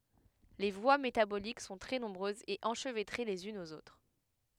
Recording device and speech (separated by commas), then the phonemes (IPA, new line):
headset microphone, read sentence
le vwa metabolik sɔ̃ tʁɛ nɔ̃bʁøzz e ɑ̃ʃvɛtʁe lez ynz oz otʁ